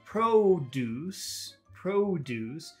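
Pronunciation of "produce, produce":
'Produce' is said twice as the noun, not the verb, with both syllables long.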